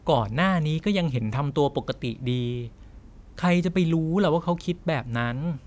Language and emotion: Thai, neutral